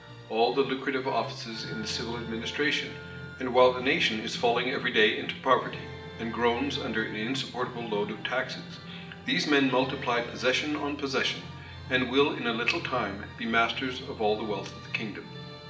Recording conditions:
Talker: one person; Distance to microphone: 1.8 m; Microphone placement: close; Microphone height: 1.0 m; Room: large; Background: music

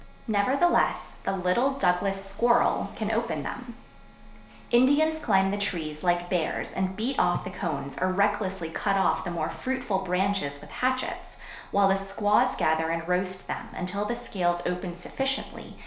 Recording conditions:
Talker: one person; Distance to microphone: 1.0 m; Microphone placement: close; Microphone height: 1.1 m; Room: small (3.7 m by 2.7 m); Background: none

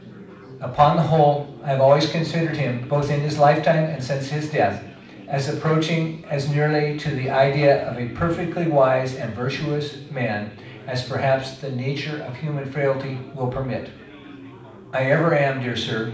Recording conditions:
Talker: one person; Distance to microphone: 5.8 m; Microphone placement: far; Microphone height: 1.8 m; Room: medium-sized (5.7 m by 4.0 m); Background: babble

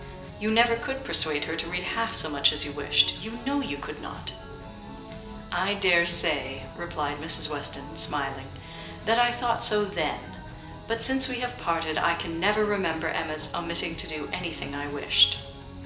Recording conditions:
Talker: one person; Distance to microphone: 1.8 m; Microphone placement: close; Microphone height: 1.0 m; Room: large; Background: music

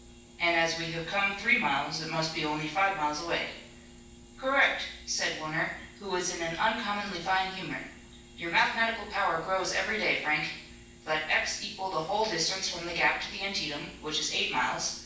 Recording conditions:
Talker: one person; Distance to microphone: 9.8 m; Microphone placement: far; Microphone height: 1.8 m; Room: large; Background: none

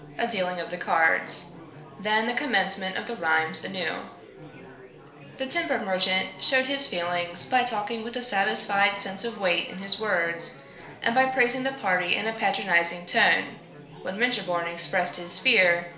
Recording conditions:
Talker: one person; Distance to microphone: 1.0 m; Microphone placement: close; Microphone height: 1.1 m; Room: small (3.7 m by 2.7 m); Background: babble

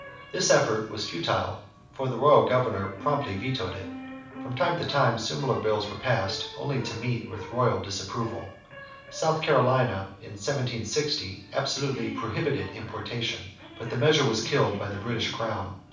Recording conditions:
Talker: one person; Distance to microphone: 5.8 m; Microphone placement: far; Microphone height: 1.8 m; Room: medium-sized (5.7 m by 4.0 m); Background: television

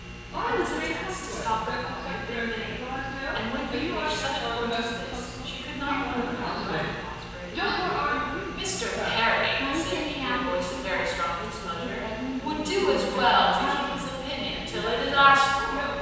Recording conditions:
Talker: one person; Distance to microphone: 7.1 m; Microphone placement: far; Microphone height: 1.7 m; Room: very reverberant, large; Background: television

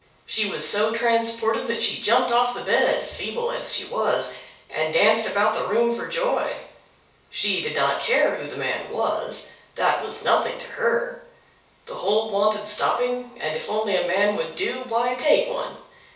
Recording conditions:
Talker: one person; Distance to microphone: 3.0 m; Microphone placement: far; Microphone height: 1.8 m; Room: small (3.7 m by 2.7 m); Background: none

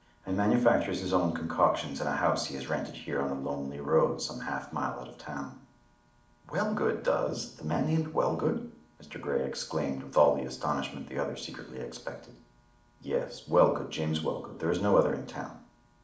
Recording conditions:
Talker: one person; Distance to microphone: 2.0 m; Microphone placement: close; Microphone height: 99 cm; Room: medium-sized (5.7 m by 4.0 m); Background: none

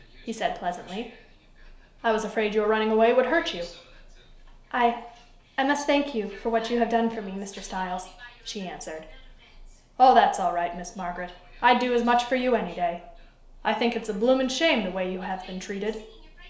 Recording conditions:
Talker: one person; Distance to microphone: 1.0 m; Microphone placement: close; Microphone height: 1.1 m; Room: small (3.7 m by 2.7 m); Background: television

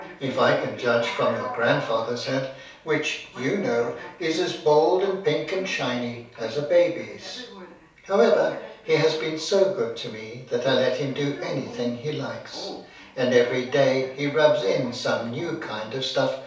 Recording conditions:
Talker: one person; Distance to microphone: 3.0 m; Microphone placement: far; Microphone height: 1.8 m; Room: small (3.7 m by 2.7 m); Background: television

